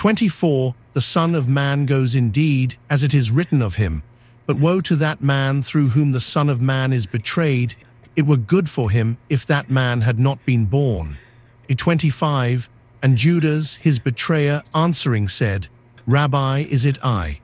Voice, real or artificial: artificial